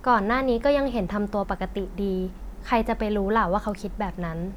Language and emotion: Thai, neutral